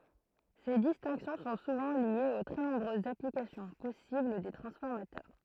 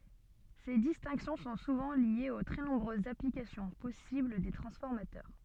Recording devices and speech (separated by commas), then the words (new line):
throat microphone, soft in-ear microphone, read sentence
Ces distinctions sont souvent liées aux très nombreuses applications possibles des transformateurs.